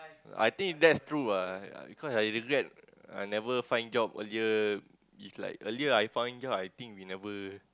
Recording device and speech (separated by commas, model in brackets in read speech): close-talking microphone, conversation in the same room